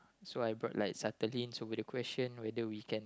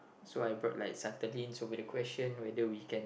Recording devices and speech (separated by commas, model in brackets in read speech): close-talking microphone, boundary microphone, conversation in the same room